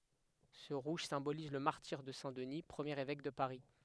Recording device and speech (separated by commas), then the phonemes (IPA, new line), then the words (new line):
headset microphone, read sentence
sə ʁuʒ sɛ̃boliz lə maʁtiʁ də sɛ̃ dəni pʁəmjeʁ evɛk də paʁi
Ce rouge symbolise le martyre de saint Denis, premier évêque de Paris.